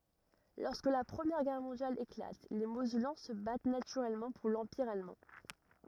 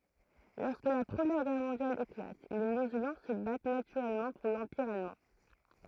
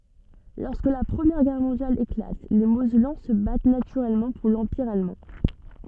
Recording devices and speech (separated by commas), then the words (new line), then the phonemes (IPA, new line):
rigid in-ear microphone, throat microphone, soft in-ear microphone, read sentence
Lorsque la Première Guerre mondiale éclate, les Mosellans se battent naturellement pour l’Empire allemand.
lɔʁskə la pʁəmjɛʁ ɡɛʁ mɔ̃djal eklat le mozɛlɑ̃ sə bat natyʁɛlmɑ̃ puʁ lɑ̃piʁ almɑ̃